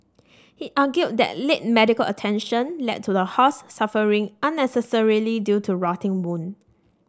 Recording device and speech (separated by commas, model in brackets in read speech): standing microphone (AKG C214), read sentence